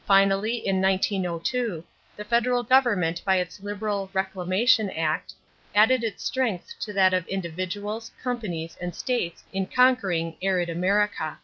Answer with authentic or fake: authentic